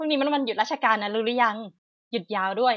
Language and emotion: Thai, happy